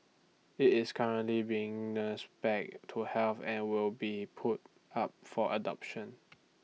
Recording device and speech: mobile phone (iPhone 6), read sentence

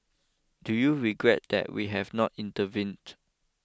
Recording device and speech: close-talking microphone (WH20), read sentence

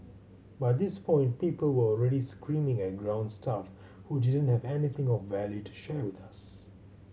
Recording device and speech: mobile phone (Samsung C7100), read sentence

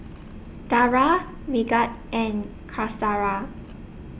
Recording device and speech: boundary microphone (BM630), read sentence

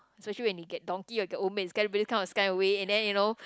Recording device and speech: close-talking microphone, conversation in the same room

